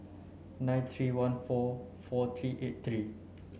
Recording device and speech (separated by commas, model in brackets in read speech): mobile phone (Samsung C9), read sentence